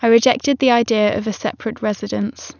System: none